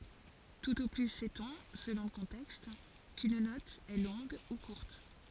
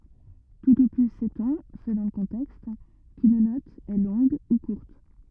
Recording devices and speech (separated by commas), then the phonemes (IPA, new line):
forehead accelerometer, rigid in-ear microphone, read sentence
tut o ply sɛtɔ̃ səlɔ̃ lə kɔ̃tɛkst kyn nɔt ɛ lɔ̃ɡ u kuʁt